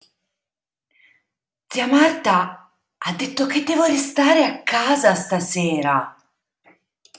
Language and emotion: Italian, surprised